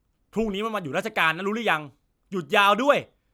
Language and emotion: Thai, angry